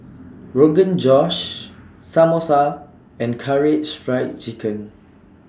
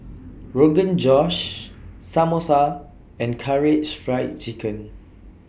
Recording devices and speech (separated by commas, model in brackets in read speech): standing microphone (AKG C214), boundary microphone (BM630), read sentence